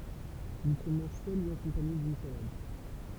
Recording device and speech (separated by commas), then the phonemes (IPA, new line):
temple vibration pickup, read sentence
il sə mɑ̃ʒ sœl u akɔ̃paɲe dyn salad